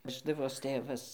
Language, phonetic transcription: Lithuanian, ˈveždavos ˈtėvas

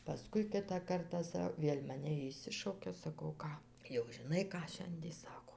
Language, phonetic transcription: Lithuanian, paˈskui ˈkitą ˈkartą ˈsa ˈvėl' maˈne išˈsišaukia saˈkau ˈką jau žiˈnai ˈką ˈšiandie ˈsako

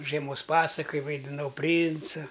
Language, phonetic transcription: Lithuanian, žieˈmos ˈpasakaj vaidiˈnau ˈprynca

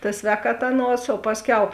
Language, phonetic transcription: Lithuanian, ta ˈsvēkaˌta ˈaˌnuos o ˈpasˌkiau

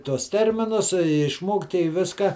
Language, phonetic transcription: Lithuanian, tuos ˈterminus i išˈmokti i ˈviska

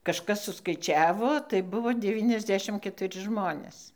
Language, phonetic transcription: Lithuanian, kažˈkas suskaiˈčiavo tai ˈbuvo ˈdevyniasˌdešim ketuˈri ˈžmonės

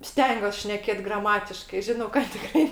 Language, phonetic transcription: Lithuanian, ˈstengiuos šneˈkėt graˈmatiškai ˈžinau kad tiˈkrai

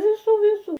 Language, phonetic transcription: Lithuanian, viˈsų viˈsų

